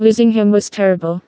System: TTS, vocoder